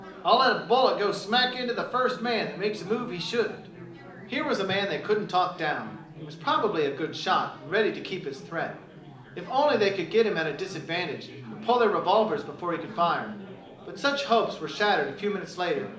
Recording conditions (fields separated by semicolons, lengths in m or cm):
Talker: one person; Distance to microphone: 2.0 m; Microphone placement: close; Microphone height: 99 cm; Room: medium-sized (5.7 m by 4.0 m); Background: babble